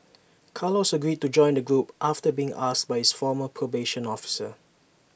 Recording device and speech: boundary microphone (BM630), read sentence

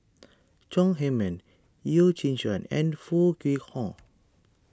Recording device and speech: standing microphone (AKG C214), read sentence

